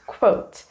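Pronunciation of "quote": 'Quote' is pronounced correctly here.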